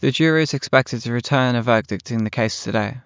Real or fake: real